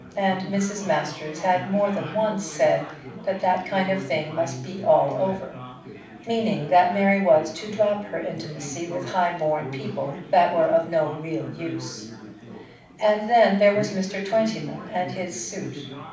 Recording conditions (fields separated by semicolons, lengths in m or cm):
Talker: one person; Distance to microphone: 5.8 m; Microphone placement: far; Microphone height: 1.8 m; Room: medium-sized (5.7 m by 4.0 m); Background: babble